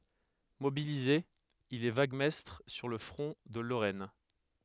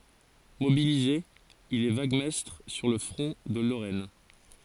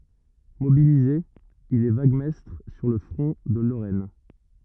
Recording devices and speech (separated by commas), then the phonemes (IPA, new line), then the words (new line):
headset microphone, forehead accelerometer, rigid in-ear microphone, read sentence
mobilize il ɛ vaɡmɛstʁ syʁ lə fʁɔ̃ də loʁɛn
Mobilisé, il est vaguemestre sur le front de Lorraine.